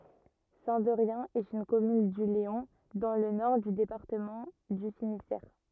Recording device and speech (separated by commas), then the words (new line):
rigid in-ear microphone, read sentence
Saint-Derrien est une commune du Léon, dans le nord du département du Finistère.